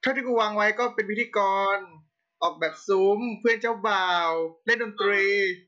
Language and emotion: Thai, happy